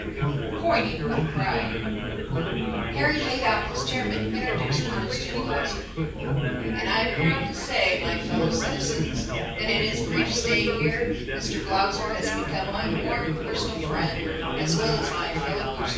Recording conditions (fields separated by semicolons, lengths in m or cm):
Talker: one person; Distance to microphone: 9.8 m; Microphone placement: far; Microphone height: 1.8 m; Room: large; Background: babble